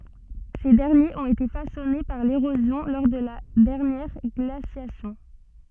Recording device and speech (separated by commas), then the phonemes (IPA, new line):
soft in-ear microphone, read sentence
se dɛʁnjez ɔ̃t ete fasɔne paʁ leʁozjɔ̃ lɔʁ də la dɛʁnjɛʁ ɡlasjasjɔ̃